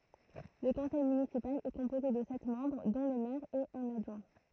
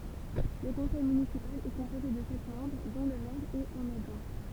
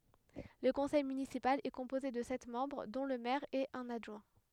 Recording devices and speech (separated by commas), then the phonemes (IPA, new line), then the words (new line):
throat microphone, temple vibration pickup, headset microphone, read sentence
lə kɔ̃sɛj mynisipal ɛ kɔ̃poze də sɛt mɑ̃bʁ dɔ̃ lə mɛʁ e œ̃n adʒwɛ̃
Le conseil municipal est composé de sept membres dont le maire et un adjoint.